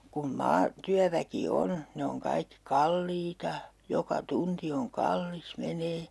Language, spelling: Finnish, kun - maatyöväki on ne on kaikki kalliita joka tunti on kallis menee
- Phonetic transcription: kun "maa- , '-tyäväki "on , 'ne oŋ kaikki "kalliita , 'joka 'tunti oŋ "kallis , menee .

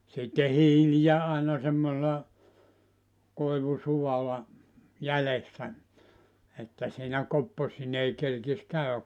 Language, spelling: Finnish, sitten hiiliä aina semmoisella koivusualla jäljessä että siinä kopposineen kerkisi käydä
- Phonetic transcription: sitte 'hiilijä àina semmosela , 'koivu"suwala , 'jälessä , 'että siinä 'kopposinee 'kerkis 'käy₍ä .

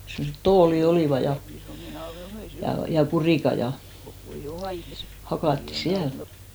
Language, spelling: Finnish, semmoiset tuolit olivat ja ja kurikat ja hakattiin siellä
- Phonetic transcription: semmoset "tooli 'olìva ja , ja 'kurìka ja , 'hakàtti "siäl .

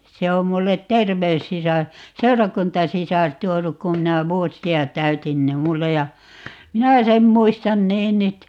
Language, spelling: Finnish, sen on minulle terveyssisar seurakuntasisar tuonut kun minä vuosia täytin niin minulle ja minä sen muistan niin nyt
- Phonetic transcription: 'se om 'mullet "terveyssisar , "seurakuntasisar 'tuonuk 'kum minä "vuosi₍a 'täytin ni "mulle ja , "minä 'sem 'muistan "niin nyt ,.

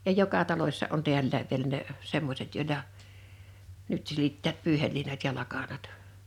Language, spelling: Finnish, ja joka talossa on täälläkin vielä ne semmoiset joilla nyt silittävät pyyheliinat ja lakanat
- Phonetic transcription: ja 'joka 'talośsa ’on 'tiällääv vielä ne , 'semmośet 'jòila , 'nyt silittäät 'pyyhelliinat ja 'lakanat .

